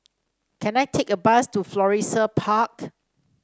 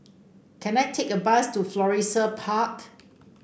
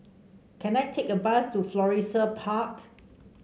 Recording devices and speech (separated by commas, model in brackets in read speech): standing microphone (AKG C214), boundary microphone (BM630), mobile phone (Samsung C5), read sentence